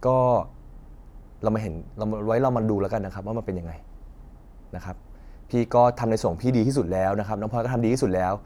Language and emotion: Thai, frustrated